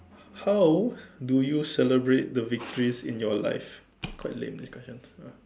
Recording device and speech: standing microphone, conversation in separate rooms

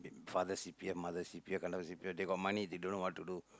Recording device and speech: close-talking microphone, conversation in the same room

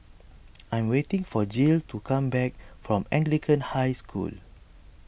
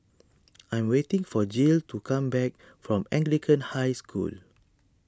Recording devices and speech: boundary microphone (BM630), standing microphone (AKG C214), read sentence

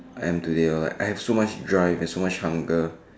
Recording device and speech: standing microphone, conversation in separate rooms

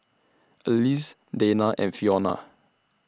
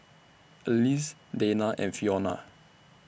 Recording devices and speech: standing microphone (AKG C214), boundary microphone (BM630), read sentence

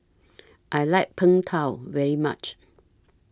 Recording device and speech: standing microphone (AKG C214), read sentence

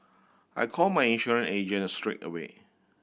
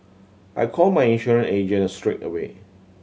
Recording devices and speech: boundary microphone (BM630), mobile phone (Samsung C7100), read sentence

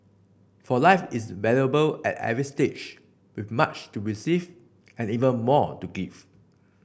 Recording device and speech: boundary microphone (BM630), read sentence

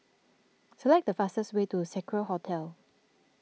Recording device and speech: mobile phone (iPhone 6), read sentence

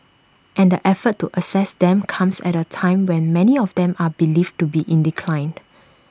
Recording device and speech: standing microphone (AKG C214), read sentence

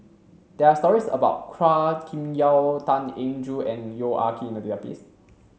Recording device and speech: mobile phone (Samsung C7), read sentence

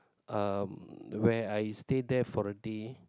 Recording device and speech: close-talking microphone, conversation in the same room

